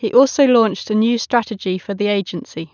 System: none